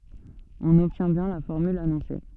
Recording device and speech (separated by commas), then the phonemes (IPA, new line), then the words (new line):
soft in-ear microphone, read sentence
ɔ̃n ɔbtjɛ̃ bjɛ̃ la fɔʁmyl anɔ̃se
On obtient bien la formule annoncée.